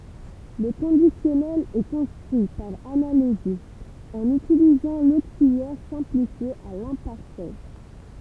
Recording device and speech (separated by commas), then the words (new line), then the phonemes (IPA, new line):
temple vibration pickup, read sentence
Le conditionnel est construit par analogie, en utilisant l'auxiliaire simplifié à l'imparfait.
lə kɔ̃disjɔnɛl ɛ kɔ̃stʁyi paʁ analoʒi ɑ̃n ytilizɑ̃ loksiljɛʁ sɛ̃plifje a lɛ̃paʁfɛ